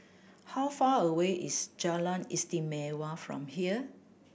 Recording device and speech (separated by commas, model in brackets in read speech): boundary microphone (BM630), read sentence